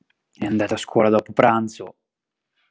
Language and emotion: Italian, neutral